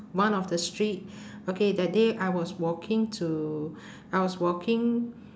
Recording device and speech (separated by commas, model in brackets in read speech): standing microphone, conversation in separate rooms